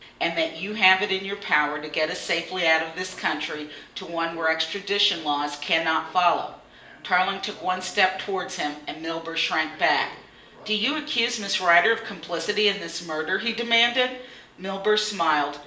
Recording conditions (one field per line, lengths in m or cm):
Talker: one person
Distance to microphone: 1.8 m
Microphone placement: close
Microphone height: 1.0 m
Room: large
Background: television